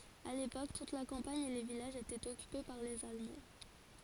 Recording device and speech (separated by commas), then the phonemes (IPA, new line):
forehead accelerometer, read sentence
a lepok tut la kɑ̃paɲ e le vilaʒz etɛt ɔkype paʁ lez almɑ̃